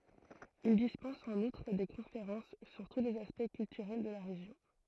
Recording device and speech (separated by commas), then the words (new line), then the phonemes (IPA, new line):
throat microphone, read sentence
Il dispense en outre des conférences sur tous les aspects culturels de la région.
il dispɑ̃s ɑ̃n utʁ de kɔ̃feʁɑ̃s syʁ tu lez aspɛkt kyltyʁɛl də la ʁeʒjɔ̃